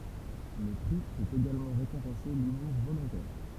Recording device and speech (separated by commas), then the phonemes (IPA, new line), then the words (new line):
temple vibration pickup, read sentence
lə pʁi pøt eɡalmɑ̃ ʁekɔ̃pɑ̃se lymuʁ volɔ̃tɛʁ
Le prix peut également récompenser l'humour volontaire.